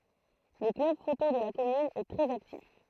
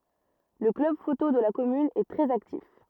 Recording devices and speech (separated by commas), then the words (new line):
throat microphone, rigid in-ear microphone, read sentence
Le club photo de la commune est très actif.